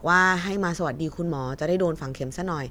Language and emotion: Thai, neutral